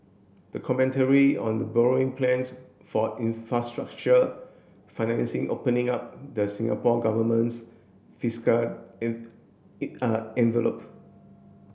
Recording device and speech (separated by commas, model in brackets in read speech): boundary microphone (BM630), read sentence